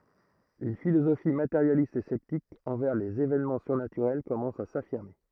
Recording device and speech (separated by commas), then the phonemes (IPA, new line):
throat microphone, read sentence
yn filozofi mateʁjalist e sɛptik ɑ̃vɛʁ lez evɛnmɑ̃ syʁnatyʁɛl kɔmɑ̃s a safiʁme